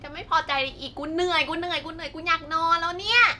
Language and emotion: Thai, angry